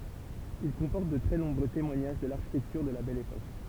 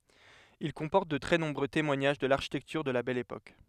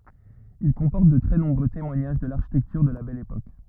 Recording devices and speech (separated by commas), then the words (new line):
temple vibration pickup, headset microphone, rigid in-ear microphone, read sentence
Il comporte de très nombreux témoignages de l'architecture de la Belle Époque.